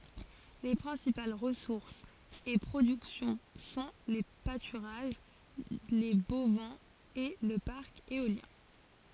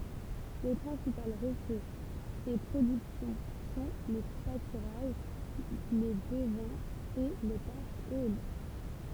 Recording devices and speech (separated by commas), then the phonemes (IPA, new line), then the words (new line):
forehead accelerometer, temple vibration pickup, read sentence
le pʁɛ̃sipal ʁəsuʁsz e pʁodyksjɔ̃ sɔ̃ le patyʁaʒ le bovɛ̃z e lə paʁk eoljɛ̃
Les principales ressources et productions sont les pâturages, les bovins et le parc éolien.